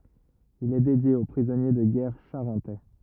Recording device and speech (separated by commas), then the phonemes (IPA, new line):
rigid in-ear microphone, read sentence
il ɛ dedje o pʁizɔnje də ɡɛʁ ʃaʁɑ̃tɛ